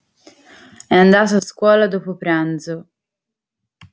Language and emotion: Italian, neutral